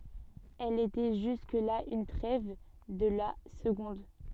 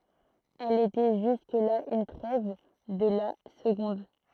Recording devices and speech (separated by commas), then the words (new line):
soft in-ear microphone, throat microphone, read sentence
Elle était jusque-là une trève de la seconde.